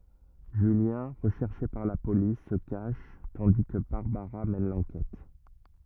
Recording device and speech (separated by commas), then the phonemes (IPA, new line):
rigid in-ear microphone, read sentence
ʒyljɛ̃ ʁəʃɛʁʃe paʁ la polis sə kaʃ tɑ̃di kə baʁbaʁa mɛn lɑ̃kɛt